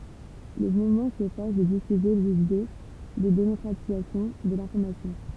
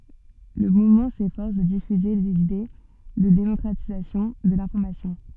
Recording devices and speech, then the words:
temple vibration pickup, soft in-ear microphone, read sentence
Le mouvement s'efforce de diffuser des idées de démocratisation de l'information.

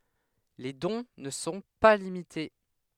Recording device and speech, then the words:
headset microphone, read sentence
Les dons ne sont pas limités.

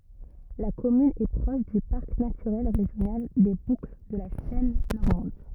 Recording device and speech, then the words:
rigid in-ear microphone, read sentence
La commune est proche du parc naturel régional des Boucles de la Seine normande.

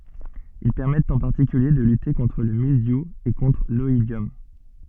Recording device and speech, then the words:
soft in-ear microphone, read sentence
Ils permettent en particulier de lutter contre le mildiou et contre l'oïdium.

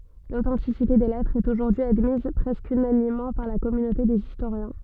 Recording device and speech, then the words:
soft in-ear microphone, read sentence
L'authenticité des lettres est aujourd'hui admise presque unanimement par la communauté des historiens.

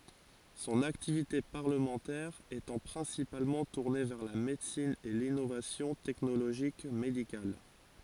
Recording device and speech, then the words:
forehead accelerometer, read sentence
Son activité parlementaire étant principalement tourné vers la médecine et l'innovation technologique médicale.

